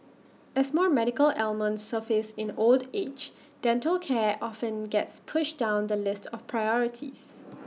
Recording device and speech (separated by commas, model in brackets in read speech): mobile phone (iPhone 6), read sentence